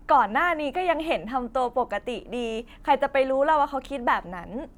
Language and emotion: Thai, happy